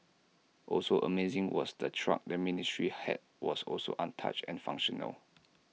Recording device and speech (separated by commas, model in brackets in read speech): mobile phone (iPhone 6), read sentence